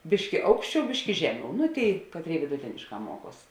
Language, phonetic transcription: Lithuanian, ˈbiški ˈaukšˌčiau ˈbiški ˈžeˌmiau nu ˈtėi ˈkatˌrėi viduˈtėnišˌkā ˈmuoˌkuos

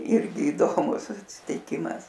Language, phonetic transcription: Lithuanian, ˈirgi iˈdomus atsitiˈkimas

